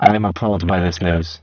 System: VC, spectral filtering